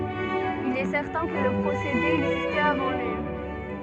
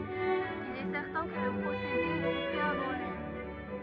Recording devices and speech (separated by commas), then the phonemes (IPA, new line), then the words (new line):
soft in-ear microphone, rigid in-ear microphone, read sentence
il ɛ sɛʁtɛ̃ kə lə pʁosede ɛɡzistɛt avɑ̃ lyi
Il est certain que le procédé existait avant lui.